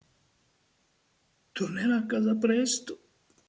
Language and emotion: Italian, sad